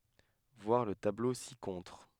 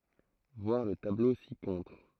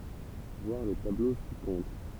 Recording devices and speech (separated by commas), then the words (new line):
headset microphone, throat microphone, temple vibration pickup, read sentence
Voir le tableau ci-contre.